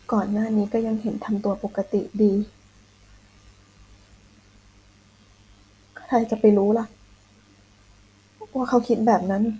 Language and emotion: Thai, sad